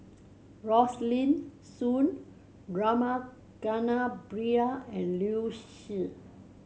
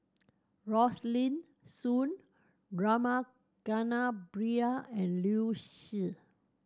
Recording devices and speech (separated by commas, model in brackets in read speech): mobile phone (Samsung C7100), standing microphone (AKG C214), read sentence